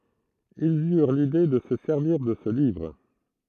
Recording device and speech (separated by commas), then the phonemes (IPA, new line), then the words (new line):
throat microphone, read sentence
ilz yʁ lide də sə sɛʁviʁ də sə livʁ
Ils eurent l'idée de se servir de ce livre.